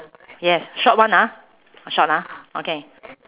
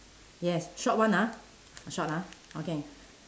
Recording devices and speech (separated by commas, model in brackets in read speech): telephone, standing microphone, conversation in separate rooms